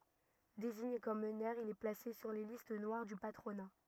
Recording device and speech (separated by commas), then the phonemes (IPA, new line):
rigid in-ear microphone, read sentence
deziɲe kɔm mənœʁ il ɛ plase syʁ le list nwaʁ dy patʁona